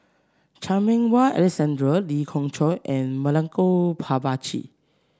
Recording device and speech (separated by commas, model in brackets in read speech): standing microphone (AKG C214), read sentence